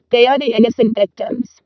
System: VC, vocoder